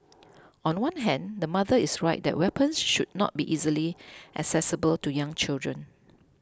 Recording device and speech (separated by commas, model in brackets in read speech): close-talking microphone (WH20), read sentence